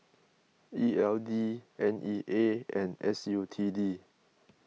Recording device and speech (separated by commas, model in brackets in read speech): mobile phone (iPhone 6), read sentence